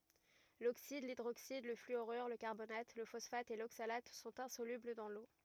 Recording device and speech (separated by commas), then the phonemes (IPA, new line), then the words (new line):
rigid in-ear microphone, read sentence
loksid lidʁoksid lə flyoʁyʁ lə kaʁbonat lə fɔsfat e loksalat sɔ̃t ɛ̃solybl dɑ̃ lo
L'oxyde, l'hydroxyde, le fluorure, le carbonate, le phosphate et l'oxalate sont insolubles dans l'eau.